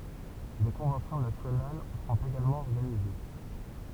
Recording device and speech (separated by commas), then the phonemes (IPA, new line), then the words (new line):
temple vibration pickup, read sentence
de kɔ̃vɑ̃sjɔ̃ nasjonal sɔ̃t eɡalmɑ̃ ɔʁɡanize
Des conventions nationales sont également organisées.